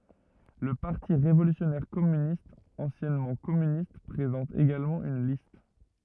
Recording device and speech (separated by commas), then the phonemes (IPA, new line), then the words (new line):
rigid in-ear microphone, read sentence
lə paʁti ʁevolysjɔnɛʁ kɔmynistz ɑ̃sjɛnmɑ̃ kɔmynist pʁezɑ̃t eɡalmɑ̃ yn list
Le Parti révolutionnaire Communistes, anciennement Communistes, présente également une liste.